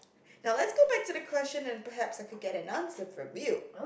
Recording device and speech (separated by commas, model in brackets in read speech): boundary microphone, conversation in the same room